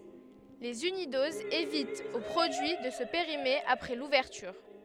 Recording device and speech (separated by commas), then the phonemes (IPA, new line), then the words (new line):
headset microphone, read sentence
lez ynidozz evitt o pʁodyi də sə peʁime apʁɛ luvɛʁtyʁ
Les unidoses évitent au produit de se périmer après l'ouverture.